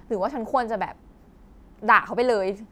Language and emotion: Thai, angry